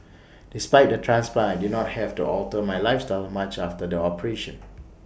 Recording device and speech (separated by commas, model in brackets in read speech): boundary microphone (BM630), read sentence